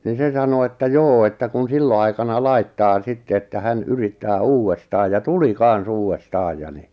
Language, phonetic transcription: Finnish, ni 'se 'sano että 'joo että kun 'sillo aikana 'laittaa 'sitte että 'hän 'yrittää 'uuwwestaaj ja "tuli 'kan̬s 'uuwwestaaj ja ni .
- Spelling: niin se sanoi että joo että kun silloin aikana laittaa sitten että hän yrittää uudestaan ja tuli kanssa uudestaan ja niin

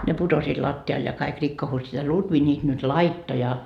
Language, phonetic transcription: Finnish, ne 'putosiit latti₍al ja kaik 'rikkohussiit a "Lutvi niit nyt "laitto ja ,.
- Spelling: ne putosivat lattialle ja kaikki rikkoutuivat a Lutvi niitä nyt laittoi ja

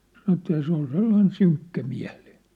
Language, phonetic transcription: Finnish, 'san° että ja se ‿ol 'sellain 'syŋkkämiä̭ʟɪɪɴ .
- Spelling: sanoi että ja se oli sellainen synkkämielinen

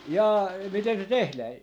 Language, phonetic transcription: Finnish, jaa , 'miten se 'tehlää ?
- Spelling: jaa miten se tehdään

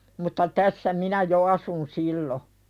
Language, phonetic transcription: Finnish, mutta 'tässä "minä jo 'asun sillo .
- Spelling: mutta tässä minä jo asuin silloin

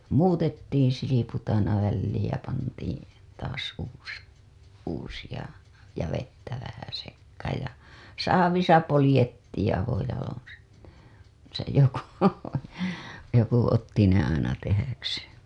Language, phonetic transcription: Finnish, muutettiiḭ 'siliput aina välliij ja pantiiḭ , taas uus- , uusiʲa , ja vettä vähä sekkaaj ja , "saavisa 'polĭjettiiḭ avojaloo̰ se , se joku , joku otti ne aina tehäkseen̬ .
- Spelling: muutettiin silput aina väliin ja pantiin taas - uusia ja vettä vähän sekaan ja saavissa poljettiin avojaloin se se joku joku otti ne aina tehdäkseen

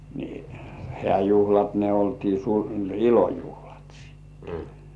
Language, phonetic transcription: Finnish, ni , 'hĕ§ä̀juhlat ne oltii su- "ilojuhlat sìttᴇ .
- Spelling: niin hääjuhlat ne oltiin - ilojuhlat sitten

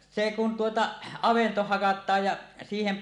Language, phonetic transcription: Finnish, se kun 'tuota , "avento "hakat̀aaj ja , 'siihem .
- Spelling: se kun tuota avanto hakataan ja siihen

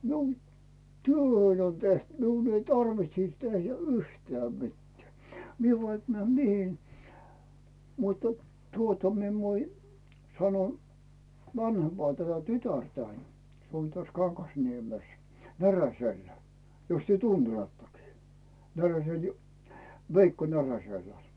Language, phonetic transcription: Finnish, miun , "työhöin on teht miun ‿ei "tarvitsis 'tehj̳ä̳ä̳ 'yhtää mittᵉä̀ , 'mie vaik 'mᵉä̀m "mihi , muttᴀ , 'tuota mi ‿en voi , 'sano , 'vanhempaa tätä "tytärtäin , se on täs 'KanGasniemes , 'Näräsellä , 'jos työ "tuntelattakii , 'Näräsel ju- , "Veikko 'Näräsellᴀ̈ .
- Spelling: minun työni on tehty minun ei tarvitsisi tehdä yhtään mitään minä vaikka menen mihin mutta tuota minä en voi sano vanhempaa tätä tytärtäni se on tässä Kangasniemessä Näräsellä jos te tunnettekin Näräsellä - Veikko Näräsellä

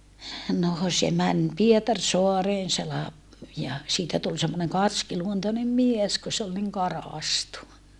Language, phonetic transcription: Finnish, noo se män , Pietarsoareen se lap- , ja , siitä tul semmoneŋ karskiluontonem mies ku se ol niŋ karàstu .
- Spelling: no se meni Pietarsaareen se - ja siitä tuli semmoinen karskiluontoinen mies kun se oli niin karaistu

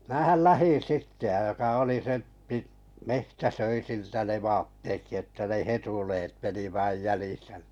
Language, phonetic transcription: Finnish, 'määhäl "lähin̬ 'sitte ʲa joka 'oli se pit- , 'mehtä "söi 'siltä ne 'vaattekki että ne "hetuleet 'meni vàⁱj "jälìsä ni .
- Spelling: minähän lähdin sitten ja joka oli se - metsä söi siltä ne vaattetkin että ne hetuleet meni vain jäljissä niin

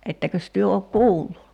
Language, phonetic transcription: Finnish, 'ettäkös 'työ ok "kuullu ?
- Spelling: ettekös te ole kuullut

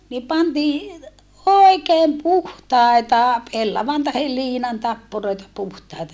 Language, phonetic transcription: Finnish, ni pantii , òikeem puhtàeta , pellavan tahel liinan tappuroita puhtài̮ta .
- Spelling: niin pantiin oikein puhtaita pellavan tai liinan tappuroita puhtaita

